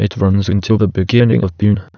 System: TTS, waveform concatenation